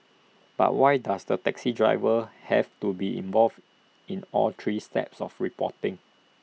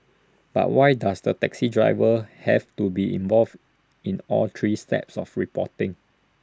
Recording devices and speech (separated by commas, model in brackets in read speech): mobile phone (iPhone 6), standing microphone (AKG C214), read sentence